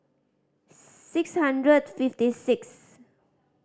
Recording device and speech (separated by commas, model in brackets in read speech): standing microphone (AKG C214), read sentence